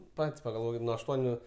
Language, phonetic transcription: Lithuanian, ˈpat's' pagalˈvokit nu ašˈtuoniu

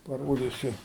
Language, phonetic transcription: Lithuanian, paˈrodisiu

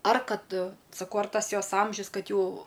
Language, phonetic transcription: Lithuanian, ar ˈkad saˈkau ar ˈtas ˈjos ˈamžius ˈkad ˈjau

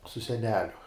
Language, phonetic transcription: Lithuanian, su seˈneliu

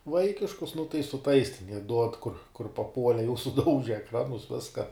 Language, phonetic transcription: Lithuanian, ˈvaikiškus nu tai su ˈtais ten jie ˈduod ˈkur kur paˈpuole jau suˈdauže ekˈranus ˈviska

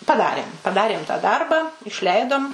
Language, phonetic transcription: Lithuanian, paˈdarėm paˈdarėm ta ˈdarbą išˈleidom

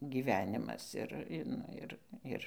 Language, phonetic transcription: Lithuanian, gyˈvenimas ˈir ˈnu ir ˈir

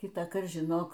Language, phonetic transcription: Lithuanian, kitąˈkart žiˈnok

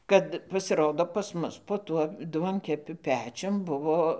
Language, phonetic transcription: Lithuanian, ˈkad pasiˈrodo pas ˈmus po ˈtuo ˈduonkepiu ˈpečium ˈbuvo

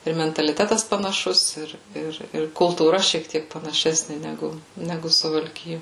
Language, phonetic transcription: Lithuanian, ir mentaliˈtetas panaˈšus ˈir ˈir ir kultūˈra šiek ˈtiek panaˈšesni neˈgu ˈnegu suvalˈkijo

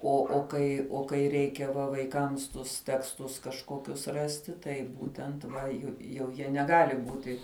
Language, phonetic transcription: Lithuanian, ˈo o ˈkai o kai ˈreikia va vaiˈkams tus teksˈtus kažˈkokius ˈrasti ˈtai ˈbūtent va ˈju jau ˈjie neˈgali ˈbūti

